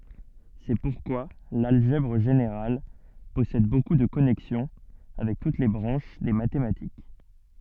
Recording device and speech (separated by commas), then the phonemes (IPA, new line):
soft in-ear microphone, read sentence
sɛ puʁkwa lalʒɛbʁ ʒeneʁal pɔsɛd boku də kɔnɛksjɔ̃ avɛk tut le bʁɑ̃ʃ de matematik